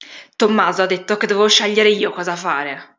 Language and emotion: Italian, angry